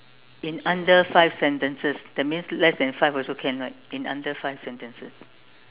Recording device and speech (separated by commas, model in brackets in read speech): telephone, conversation in separate rooms